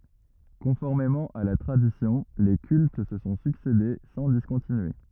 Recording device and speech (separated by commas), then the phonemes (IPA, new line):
rigid in-ear microphone, read sentence
kɔ̃fɔʁmemɑ̃ a la tʁadisjɔ̃ le kylt sə sɔ̃ syksede sɑ̃ diskɔ̃tinye